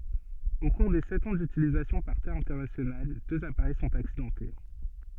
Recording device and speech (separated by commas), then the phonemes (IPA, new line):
soft in-ear microphone, read sentence
o kuʁ de sɛt ɑ̃ dytilizasjɔ̃ paʁ te ɛ̃tɛʁnasjonal døz apaʁɛj sɔ̃t aksidɑ̃te